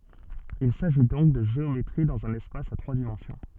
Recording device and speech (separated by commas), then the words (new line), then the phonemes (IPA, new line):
soft in-ear microphone, read sentence
Il s'agit donc de géométrie dans un espace à trois dimensions.
il saʒi dɔ̃k də ʒeometʁi dɑ̃z œ̃n ɛspas a tʁwa dimɑ̃sjɔ̃